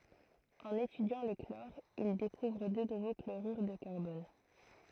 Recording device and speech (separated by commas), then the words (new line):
throat microphone, read sentence
En étudiant le chlore il découvre deux nouveaux chlorures de carbone.